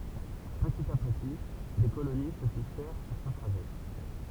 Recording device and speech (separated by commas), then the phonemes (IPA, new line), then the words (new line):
temple vibration pickup, read sentence
pətit a pəti de koloni sə fiksɛʁ syʁ sə tʁaʒɛ
Petit à petit, des colonies se fixèrent sur ce trajet.